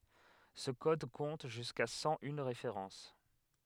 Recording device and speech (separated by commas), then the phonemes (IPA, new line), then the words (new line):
headset microphone, read sentence
sə kɔd kɔ̃t ʒyska sɑ̃ yn ʁefeʁɑ̃s
Ce code compte jusqu'à cent une références.